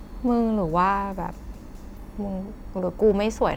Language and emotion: Thai, frustrated